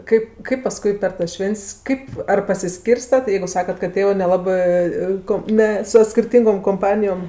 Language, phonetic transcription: Lithuanian, ˈkaip ˈkaip paˈskui per tas ˈšvent's' ˈkaip ar pasiˈskyrstat jeigu ˈsakat kad ˈtėvɜ nelaˈbɜ ˈkom ne so skirˈtyngom komˈpanijom

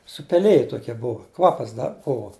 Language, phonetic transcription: Lithuanian, supeˈlije toˈkie ˈbuvo ˈkvapas ˈda ˈbuvo

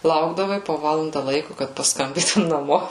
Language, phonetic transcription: Lithuanian, ˈlaukdavai po ˈvalanda ˈlaiku kad pasˈkambytum naˈmo

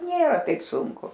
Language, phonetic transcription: Lithuanian, ˈnėra ˈtaip ˈsunku

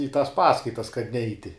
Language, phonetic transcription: Lithuanian, į tas ˈpaskaitas kad ˈneiti

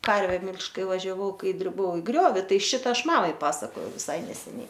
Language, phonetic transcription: Lithuanian, ˈkarve ˈmilžt' ˈkai važiaˈvau ˈkai driˈbau i ˈgriovi ˈtai ˈšita ˈaš ˈmamai ˈpasakojau viˈsai neseˈniai

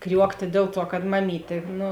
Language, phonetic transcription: Lithuanian, ˈkriuoktė ˈdėl ˌtuo kad maˈmytė ˈnu

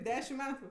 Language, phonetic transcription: Lithuanian, ˈdešim ˈmetu

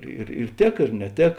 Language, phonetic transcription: Lithuanian, ir ir ˈtėk ir neˈtėk

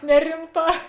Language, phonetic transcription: Lithuanian, ˈnerimˌtā

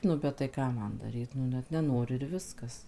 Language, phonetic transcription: Lithuanian, nu bet tai ˈką ˈman daˈryt nu ˈnet neˈnori ir ˈviskas

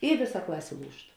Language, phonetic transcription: Lithuanian, i ˈvėˌsa ˈklasė ˈlūžt

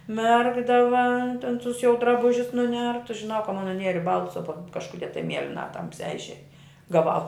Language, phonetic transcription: Lithuanian, ˈmerkdava ten tus jau draˈbužius nuˈnertus žiˈnau ka man nuˈnieri ˈbaltus o tam kažkuˈdie tai ˈmielina ˈtamsiā išˈėj gaˈvau

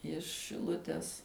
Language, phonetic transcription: Lithuanian, iš šiˈlutes

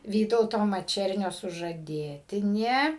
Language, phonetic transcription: Lithuanian, ˈvytauto maˈčernio sužaˈdėtinė

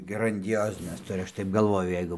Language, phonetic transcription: Lithuanian, grandiˈjozines ˈturi ˈaš taip galˈvoju ˈjeigu

